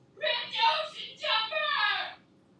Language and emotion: English, disgusted